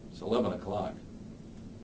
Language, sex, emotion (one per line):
English
male
neutral